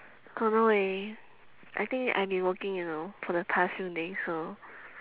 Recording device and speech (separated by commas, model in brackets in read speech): telephone, conversation in separate rooms